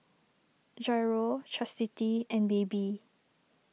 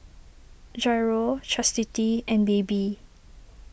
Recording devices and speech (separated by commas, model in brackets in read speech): mobile phone (iPhone 6), boundary microphone (BM630), read sentence